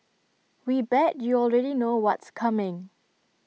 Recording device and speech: mobile phone (iPhone 6), read sentence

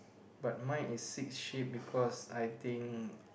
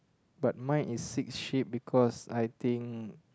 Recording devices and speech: boundary microphone, close-talking microphone, conversation in the same room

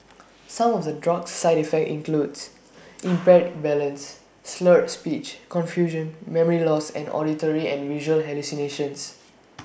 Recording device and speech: boundary microphone (BM630), read sentence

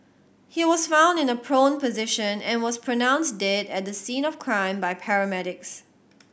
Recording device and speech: boundary microphone (BM630), read sentence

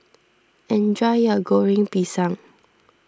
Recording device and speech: standing microphone (AKG C214), read sentence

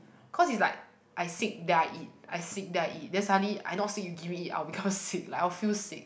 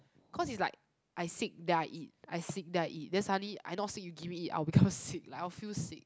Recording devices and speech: boundary microphone, close-talking microphone, conversation in the same room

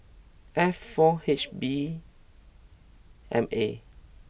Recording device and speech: boundary microphone (BM630), read sentence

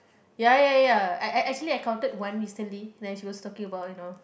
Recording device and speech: boundary microphone, conversation in the same room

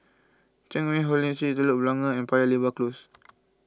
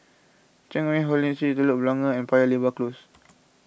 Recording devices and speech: close-talking microphone (WH20), boundary microphone (BM630), read sentence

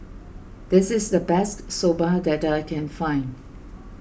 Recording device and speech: boundary microphone (BM630), read sentence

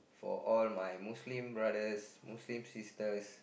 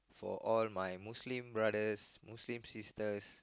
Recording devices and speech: boundary microphone, close-talking microphone, conversation in the same room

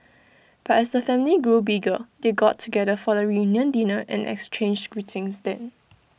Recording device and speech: boundary microphone (BM630), read sentence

